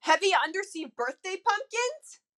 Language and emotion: English, surprised